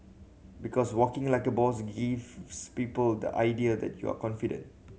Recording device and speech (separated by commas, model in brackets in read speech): mobile phone (Samsung C7100), read sentence